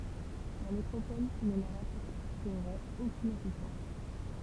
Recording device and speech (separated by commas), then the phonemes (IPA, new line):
temple vibration pickup, read sentence
la metʁopɔl nə lœʁ apɔʁtəʁɛt okyn asistɑ̃s